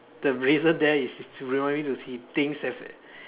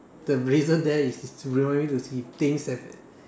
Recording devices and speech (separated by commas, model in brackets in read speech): telephone, standing microphone, conversation in separate rooms